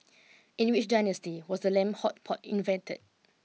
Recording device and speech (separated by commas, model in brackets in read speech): mobile phone (iPhone 6), read sentence